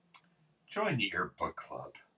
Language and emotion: English, sad